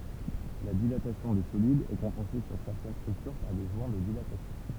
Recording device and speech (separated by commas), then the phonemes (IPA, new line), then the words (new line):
temple vibration pickup, read sentence
la dilatasjɔ̃ de solidz ɛ kɔ̃pɑ̃se syʁ sɛʁtɛn stʁyktyʁ paʁ de ʒwɛ̃ də dilatasjɔ̃
La dilatation des solides est compensée sur certaines structures par des joints de dilatation.